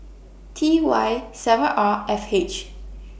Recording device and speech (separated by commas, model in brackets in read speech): boundary microphone (BM630), read sentence